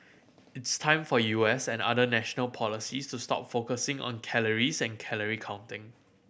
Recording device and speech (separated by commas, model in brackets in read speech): boundary microphone (BM630), read sentence